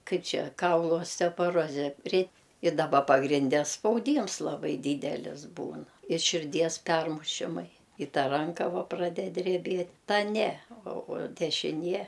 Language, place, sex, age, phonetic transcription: Lithuanian, Aukštaitija, female, 60+, ˈkaip ˈčia ˈkaulu ostepoˈroze ret i daˈba pagrinˈde spauˈdyms laˈbai ˈdydelis ˈbūn i širˈdies ˈpermušimai i ˈta ˈranka ˈva praˈded dreˈbėt ˈta ˈne o o dešiˈnie

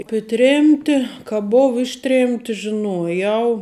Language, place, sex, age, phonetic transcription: Lithuanian, Žemaitija, female, 18-60, ˈapė ˈtrėmti ka ˈbov ˈišˌtrėmti žiˈnuojau

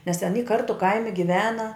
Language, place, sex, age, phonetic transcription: Lithuanian, Žemaitija, female, 60+, nes ten y ˈkartu ˈkaimi giˈvena

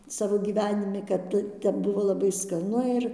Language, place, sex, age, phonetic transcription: Lithuanian, Dzūkija, female, 60+, ˈsavo gyˈvenimi kad ˈte ˈtep ˈbuvo laˈbai skaˈnu ir

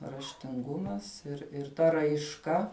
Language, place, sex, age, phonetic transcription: Lithuanian, Žemaitija, female, 18-60, raštinˈgumas ir ir ˈta raišˈka

